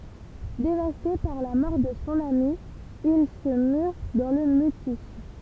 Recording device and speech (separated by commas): temple vibration pickup, read sentence